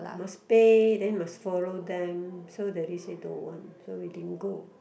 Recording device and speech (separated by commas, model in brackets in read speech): boundary microphone, conversation in the same room